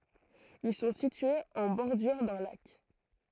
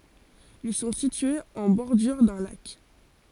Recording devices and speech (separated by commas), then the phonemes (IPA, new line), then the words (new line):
throat microphone, forehead accelerometer, read sentence
il sɔ̃ sityez ɑ̃ bɔʁdyʁ dœ̃ lak
Ils sont situés en bordure d'un lac.